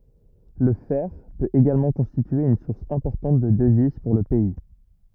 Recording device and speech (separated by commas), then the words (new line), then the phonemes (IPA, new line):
rigid in-ear microphone, read sentence
Le fer peut également constituer une source importante de devises pour le pays.
lə fɛʁ pøt eɡalmɑ̃ kɔ̃stitye yn suʁs ɛ̃pɔʁtɑ̃t də dəviz puʁ lə pɛi